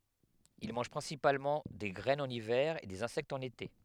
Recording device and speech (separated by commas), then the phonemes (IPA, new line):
headset microphone, read sentence
il mɑ̃ʒ pʁɛ̃sipalmɑ̃ de ɡʁɛnz ɑ̃n ivɛʁ e dez ɛ̃sɛktz ɑ̃n ete